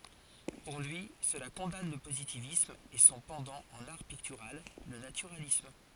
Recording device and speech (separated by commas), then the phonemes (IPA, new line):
forehead accelerometer, read sentence
puʁ lyi səla kɔ̃dan lə pozitivism e sɔ̃ pɑ̃dɑ̃ ɑ̃n aʁ piktyʁal lə natyʁalism